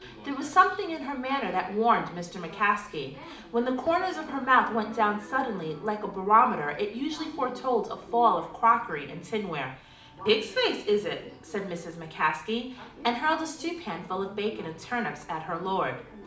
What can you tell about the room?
A mid-sized room (about 5.7 m by 4.0 m).